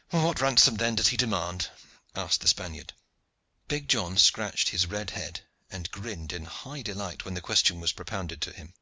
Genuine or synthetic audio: genuine